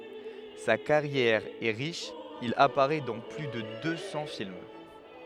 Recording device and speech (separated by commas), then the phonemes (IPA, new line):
headset microphone, read sentence
sa kaʁjɛʁ ɛ ʁiʃ il apaʁɛ dɑ̃ ply də dø sɑ̃ film